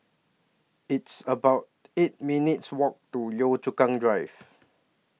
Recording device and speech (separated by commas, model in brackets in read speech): mobile phone (iPhone 6), read sentence